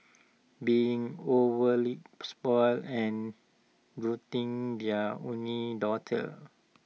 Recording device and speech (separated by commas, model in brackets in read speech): mobile phone (iPhone 6), read sentence